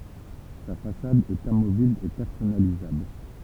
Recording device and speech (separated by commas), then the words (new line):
temple vibration pickup, read sentence
Sa façade est amovible et personnalisable.